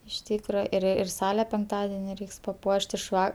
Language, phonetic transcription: Lithuanian, iš ˈtykra ir ir ˈsale penkˈtadeni ˈreiks paˈpuoš't' iš ˈva

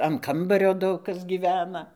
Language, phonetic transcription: Lithuanian, an ˈkambario ˈdaug ˈkas gyˈvena

